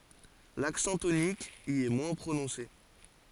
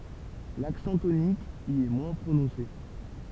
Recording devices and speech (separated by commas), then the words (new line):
forehead accelerometer, temple vibration pickup, read sentence
L'accent tonique y est moins prononcé.